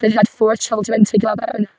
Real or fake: fake